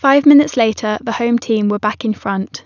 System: none